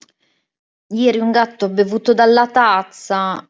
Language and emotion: Italian, disgusted